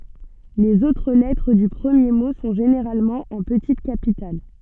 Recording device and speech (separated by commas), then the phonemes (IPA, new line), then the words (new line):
soft in-ear microphone, read sentence
lez otʁ lɛtʁ dy pʁəmje mo sɔ̃ ʒeneʁalmɑ̃ ɑ̃ pətit kapital
Les autres lettres du premier mot sont généralement en petites capitales.